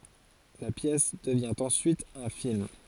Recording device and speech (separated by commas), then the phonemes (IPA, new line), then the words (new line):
forehead accelerometer, read sentence
la pjɛs dəvjɛ̃ ɑ̃ syit œ̃ film
La pièce devient en suite un film.